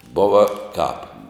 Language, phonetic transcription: Lithuanian, ˈbova kāp

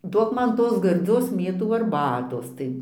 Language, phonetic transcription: Lithuanian, ˈduok ˈman ˈtos garˈdzios ˈmėtų arˈbatos tai

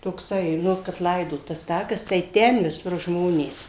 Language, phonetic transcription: Lithuanian, tokˈsai ˈnu kap ˈlaidot tas ˈtakas tai ˈten viˈsur ˈžmonės

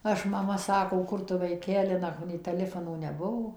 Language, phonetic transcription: Lithuanian, ˈaš maˈma ˈsako ˈkur tu vaiˈkeli ˈnak nei teˈlifono neˈbuo

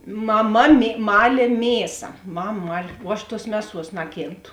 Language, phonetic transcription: Lithuanian, maˈma mė ˈmalė ˈmėsa ˈmam ˈmal' vuo ˈaš ˈtuos ˈmeˌsuos ˈnakėnˌtu

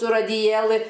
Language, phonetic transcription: Lithuanian, su radiˈjėlɨ

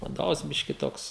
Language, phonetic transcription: Lithuanian, vaˈdovas ˈbiški ˈtoks

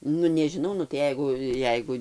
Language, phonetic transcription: Lithuanian, ˈnu nežiˈnau nu tai ˈjeigu ˈjeigu

